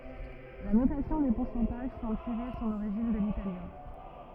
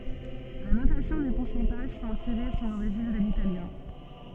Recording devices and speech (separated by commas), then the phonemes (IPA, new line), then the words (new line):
rigid in-ear microphone, soft in-ear microphone, read sentence
la notasjɔ̃ de puʁsɑ̃taʒ sɑ̃bl tiʁe sɔ̃n oʁiʒin də litaljɛ̃
La notation des pourcentages semble tirer son origine de l'italien.